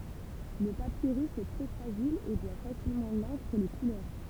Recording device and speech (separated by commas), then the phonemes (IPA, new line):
temple vibration pickup, read sentence
lə papiʁys ɛ tʁɛ fʁaʒil e bwa fasilmɑ̃ lɑ̃kʁ e le kulœʁ